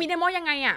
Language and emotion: Thai, angry